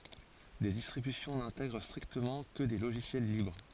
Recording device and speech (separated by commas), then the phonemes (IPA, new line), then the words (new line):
forehead accelerometer, read sentence
de distʁibysjɔ̃ nɛ̃tɛɡʁ stʁiktəmɑ̃ kə de loʒisjɛl libʁ
Des distributions n'intègrent strictement que des logiciels libres.